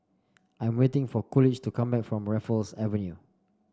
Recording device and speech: standing microphone (AKG C214), read sentence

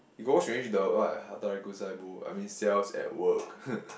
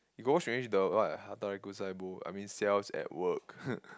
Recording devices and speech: boundary microphone, close-talking microphone, conversation in the same room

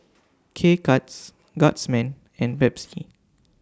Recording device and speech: standing microphone (AKG C214), read sentence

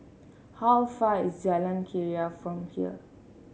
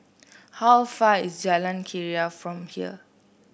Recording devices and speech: mobile phone (Samsung C7), boundary microphone (BM630), read sentence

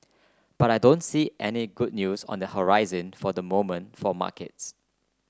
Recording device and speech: close-talking microphone (WH30), read sentence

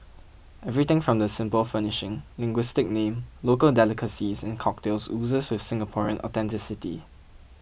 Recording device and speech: boundary microphone (BM630), read sentence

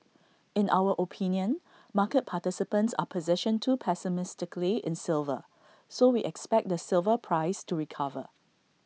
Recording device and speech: mobile phone (iPhone 6), read sentence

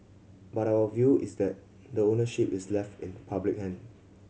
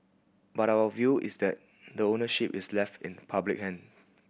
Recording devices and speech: mobile phone (Samsung C7100), boundary microphone (BM630), read sentence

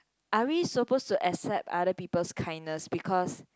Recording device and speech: close-talking microphone, conversation in the same room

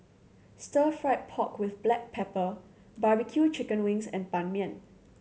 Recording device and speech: mobile phone (Samsung C7100), read sentence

